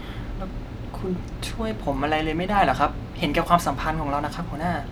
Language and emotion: Thai, frustrated